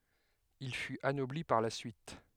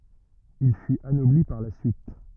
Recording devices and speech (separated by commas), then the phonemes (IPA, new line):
headset microphone, rigid in-ear microphone, read sentence
il fyt anɔbli paʁ la syit